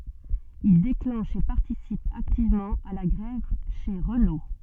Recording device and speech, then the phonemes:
soft in-ear microphone, read sentence
il deklɑ̃ʃ e paʁtisip aktivmɑ̃ a la ɡʁɛv ʃe ʁəno

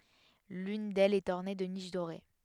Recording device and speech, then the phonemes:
headset microphone, read sentence
lyn dɛlz ɛt ɔʁne də niʃ doʁe

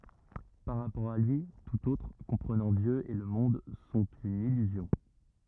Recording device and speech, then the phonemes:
rigid in-ear microphone, read sentence
paʁ ʁapɔʁ a lyi tut otʁ kɔ̃pʁənɑ̃ djø e lə mɔ̃d sɔ̃t yn ilyzjɔ̃

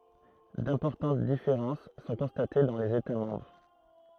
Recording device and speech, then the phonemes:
throat microphone, read sentence
dɛ̃pɔʁtɑ̃t difeʁɑ̃s sɔ̃ kɔ̃state dɑ̃ lez eta mɑ̃bʁ

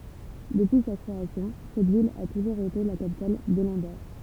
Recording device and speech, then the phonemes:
temple vibration pickup, read sentence
dəpyi sa kʁeasjɔ̃ sɛt vil a tuʒuʁz ete la kapital də lɑ̃doʁ

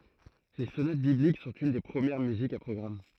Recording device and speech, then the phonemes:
throat microphone, read sentence
le sonat biblik sɔ̃t yn de pʁəmjɛʁ myzikz a pʁɔɡʁam

